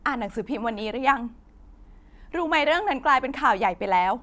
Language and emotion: Thai, sad